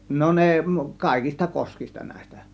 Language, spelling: Finnish, no ne kaikista koskista näistä
- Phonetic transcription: no 'ne , "kàėkista 'koskista nä̀ės̆tä .

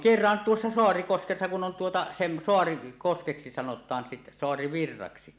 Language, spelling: Finnish, kerran tuossa Saarikoskessa kun on tuota - Saarikoskeksi sanotaan - Saarivirraksi
- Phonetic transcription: kerran 'tuossa "Soarikoskessa kun 'on tuota , sem- , 'Soarikoskeksi sanot̀aan sit- , 'Soari"virraksi .

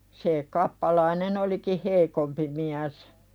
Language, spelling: Finnish, se kappalainen olikin heikompi mies
- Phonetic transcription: se 'kappalainen ‿oliki "heikompi miäs .

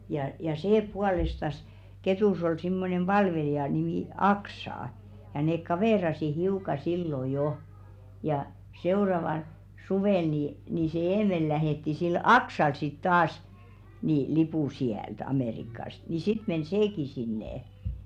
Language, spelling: Finnish, ja ja se puolestansa Ketussa oli semmoinen palvelija nimi Aksa ja ne kaveerasi hiukan silloin jo ja seuraavalla suvella niin niin se Eemeli lähetti sille Aksalle sitten taas niin lipun sieltä Amerikasta niin sitten meni sekin sinne
- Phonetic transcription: ja ja "see 'pualestas , 'Ketùs ol simmonem 'ʙalvelija nimì "Aksà , ja neek "kavèrasi 'hiùka sillo jo , ja 'seo̭ravaˡ , "suvèl nì , nii se "Eemel lähètti sil "Aksal sit taas , ni 'lipù siält 'Amèrikast ni 'sit men "seeki sinnè .

